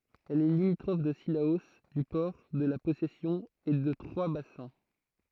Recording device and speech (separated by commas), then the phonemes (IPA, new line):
throat microphone, read sentence
ɛl ɛ limitʁɔf də silao dy pɔʁ də la pɔsɛsjɔ̃ e də tʁwazbasɛ̃